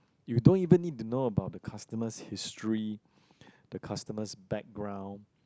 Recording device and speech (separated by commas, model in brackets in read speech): close-talking microphone, conversation in the same room